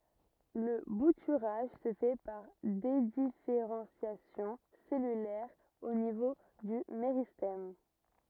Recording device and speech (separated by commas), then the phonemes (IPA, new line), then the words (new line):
rigid in-ear microphone, read sentence
lə butyʁaʒ sə fɛ paʁ dedifeʁɑ̃sjasjɔ̃ sɛlylɛʁ o nivo dy meʁistɛm
Le bouturage se fait par dédifférenciation cellulaire au niveau du méristème.